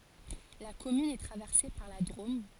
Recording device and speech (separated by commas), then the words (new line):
forehead accelerometer, read sentence
La commune est traversée par la Drôme.